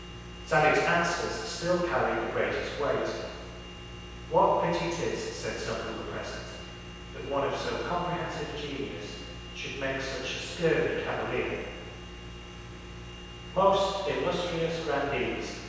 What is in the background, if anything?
Nothing.